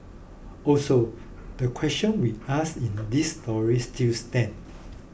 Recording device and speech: boundary microphone (BM630), read sentence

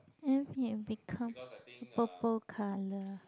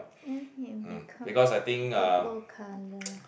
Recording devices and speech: close-talking microphone, boundary microphone, conversation in the same room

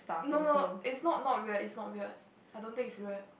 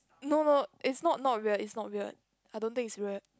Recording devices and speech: boundary microphone, close-talking microphone, conversation in the same room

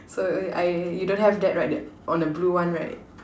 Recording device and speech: standing microphone, conversation in separate rooms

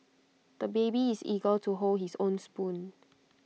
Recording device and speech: mobile phone (iPhone 6), read sentence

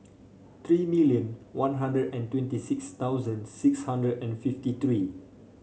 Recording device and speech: mobile phone (Samsung C5), read sentence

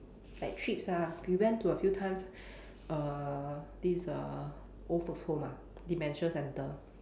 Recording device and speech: standing microphone, conversation in separate rooms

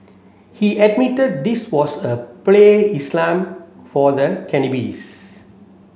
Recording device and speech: mobile phone (Samsung C7), read sentence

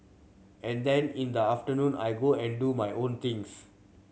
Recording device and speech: mobile phone (Samsung C7100), read sentence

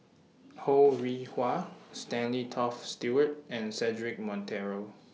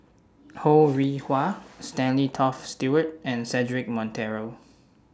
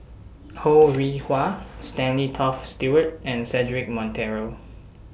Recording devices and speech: mobile phone (iPhone 6), standing microphone (AKG C214), boundary microphone (BM630), read sentence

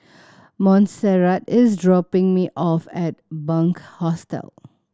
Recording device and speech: standing microphone (AKG C214), read sentence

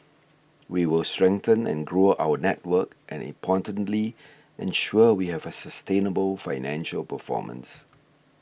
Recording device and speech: boundary microphone (BM630), read sentence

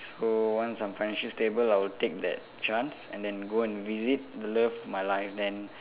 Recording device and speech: telephone, conversation in separate rooms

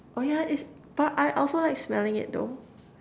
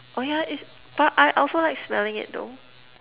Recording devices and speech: standing microphone, telephone, conversation in separate rooms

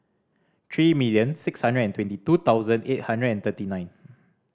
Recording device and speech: standing microphone (AKG C214), read sentence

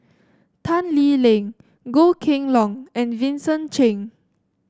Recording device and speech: standing microphone (AKG C214), read sentence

